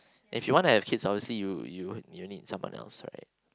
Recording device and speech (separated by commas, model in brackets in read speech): close-talking microphone, conversation in the same room